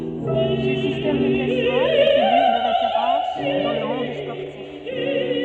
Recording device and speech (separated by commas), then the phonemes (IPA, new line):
soft in-ear microphone, read sentence
sə sistɛm də klasmɑ̃ fɛ fiɡyʁ də ʁefeʁɑ̃s dɑ̃ lə mɔ̃d spɔʁtif